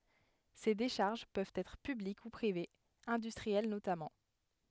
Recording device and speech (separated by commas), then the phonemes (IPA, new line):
headset microphone, read sentence
se deʃaʁʒ pøvt ɛtʁ pyblik u pʁivez ɛ̃dystʁiɛl notamɑ̃